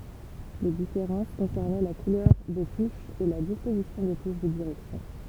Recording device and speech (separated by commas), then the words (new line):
temple vibration pickup, read sentence
Les différences concernaient la couleur des touches et la disposition des touches de direction.